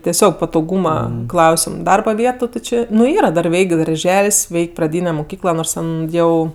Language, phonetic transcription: Lithuanian, teˈsiog patoˈgūma ˈklausim ˈdarba ˈvietu ti ˈčė nu ˈyra dar ˈveik' darˈžel's' ˈveik' praˈdyne muˈkykla ˈnors ˈten ˈjau

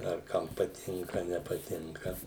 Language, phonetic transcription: Lithuanian, ar ˈkam paˈtinka nepaˈtinka

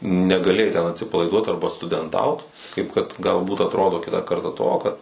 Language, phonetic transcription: Lithuanian, negaˈlėjai ten atsipalaiˈduot ˈarba studenˈtaut kaip kad galˈbūt atˈrodo ˈkitą ˈkartą ˈto kad

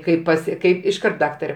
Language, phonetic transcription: Lithuanian, ˈkaip paˈsi ˈkaip išˈkart ˈdaktare

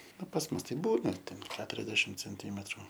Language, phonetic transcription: Lithuanian, ˈnu pas ˈmus tai ˈbūna ten ˈketuriasdešim cenˈtymetru

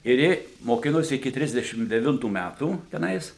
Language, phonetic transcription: Lithuanian, ir ˈji moˈkinosi iki ˈtrisdešim deˈvintų ˈmætų teˈnais

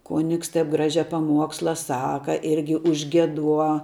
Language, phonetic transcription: Lithuanian, ˈkonigs taip ˈgražia paˈmuoksla ˈsaka ˈirgi užgieˈduo

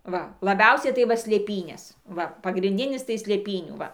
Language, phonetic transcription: Lithuanian, ˈva laˈbiausiai tai ˈva slėˈpynės ˈva pagrinˈdinis tai slėˈpynių ˈva

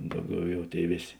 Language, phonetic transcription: Lithuanian, ˈdauˌgiau ˈjau ˈtėi ˈvėˌs'

